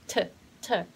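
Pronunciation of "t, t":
Each 't' is a hard T sound, not a softened one.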